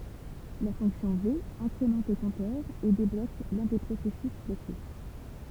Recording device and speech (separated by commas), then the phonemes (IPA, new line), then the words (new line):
temple vibration pickup, read sentence
la fɔ̃ksjɔ̃ ve ɛ̃kʁemɑ̃t lə kɔ̃tœʁ e deblok lœ̃ de pʁosɛsys bloke
La fonction V incrémente le compteur et débloque l'un des processus bloqué.